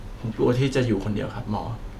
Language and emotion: Thai, sad